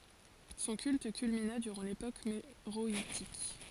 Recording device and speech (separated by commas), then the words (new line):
forehead accelerometer, read sentence
Son culte culmina durant l'époque méroïtique.